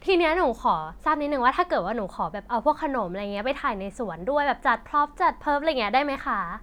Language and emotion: Thai, happy